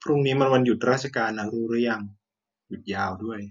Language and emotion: Thai, neutral